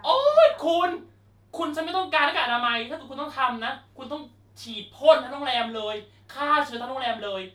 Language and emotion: Thai, angry